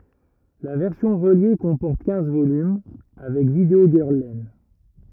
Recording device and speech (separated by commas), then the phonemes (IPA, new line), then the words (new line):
rigid in-ear microphone, read sentence
la vɛʁsjɔ̃ ʁəlje kɔ̃pɔʁt kɛ̃z volym avɛk vidəo ɡœʁl lɛn
La version reliée comporte quinze volumes, avec Video Girl Len.